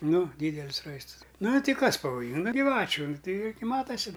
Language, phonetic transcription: Lithuanian, ˈnu ˈdydelis ˈraistəs ˈnu ˈti ˈkas pavoˈjinga giˈvačiu ˈnu ˈtei i gi ˈmatasi

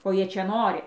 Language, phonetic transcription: Lithuanian, ko ˈjie ˈčia ˈnori

